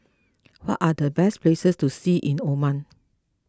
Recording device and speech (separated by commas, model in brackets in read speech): close-talking microphone (WH20), read sentence